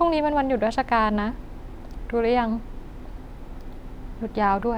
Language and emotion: Thai, frustrated